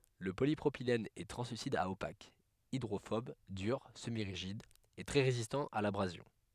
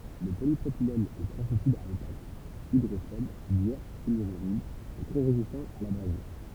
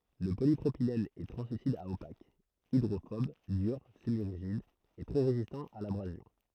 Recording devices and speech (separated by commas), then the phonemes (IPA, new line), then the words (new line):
headset microphone, temple vibration pickup, throat microphone, read sentence
lə polipʁopilɛn ɛ tʁɑ̃slysid a opak idʁofɔb dyʁ səmiʁiʒid e tʁɛ ʁezistɑ̃ a labʁazjɔ̃
Le polypropylène est translucide à opaque, hydrophobe, dur, semi-rigide et très résistant à l'abrasion.